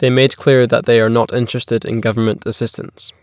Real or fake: real